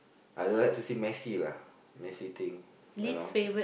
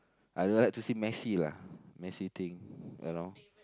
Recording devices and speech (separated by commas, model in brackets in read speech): boundary microphone, close-talking microphone, conversation in the same room